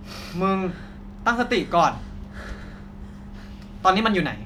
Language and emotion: Thai, frustrated